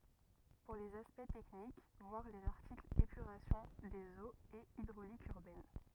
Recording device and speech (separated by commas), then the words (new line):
rigid in-ear microphone, read sentence
Pour les aspects techniques, voir les articles épuration des eaux et hydraulique urbaine.